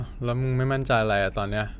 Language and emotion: Thai, frustrated